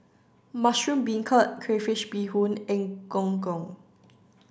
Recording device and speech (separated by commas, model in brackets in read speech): standing microphone (AKG C214), read sentence